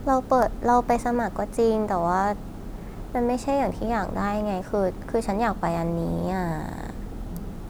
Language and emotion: Thai, frustrated